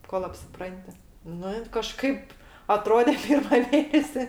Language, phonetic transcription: Lithuanian, kol apsiˈpranti ˈnu in kaˈžkaip aˈtrodė ˈpirma ˈmėnesi

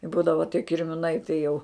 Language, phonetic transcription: Lithuanian, i ˈbūdava tie kirmiˈnai tai jau

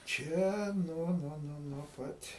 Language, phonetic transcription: Lithuanian, ˈčia ˈnuo ˈnuo ˈnuo nuo ˈpat'

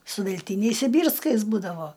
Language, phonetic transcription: Lithuanian, su velˈtyniais siˈbyrskais ˈbūdavo

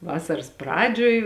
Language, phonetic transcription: Lithuanian, ˈvasaras ˈpradžioj

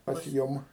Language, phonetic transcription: Lithuanian, pas ˈjum

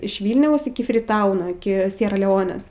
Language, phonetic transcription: Lithuanian, iš ˈvylniaus iki friˈtauno iki ˈsiera leˈonės

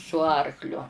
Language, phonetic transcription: Lithuanian, su ˈarkliu

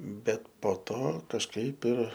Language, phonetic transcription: Lithuanian, ˈbet po ˈto kažˈkaip ir

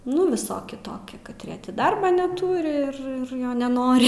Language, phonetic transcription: Lithuanian, ˈnu viˈsoki ˈtoki katˈrie ˈti ˈdarbą neˈtūri ir ˈjo neˈnori

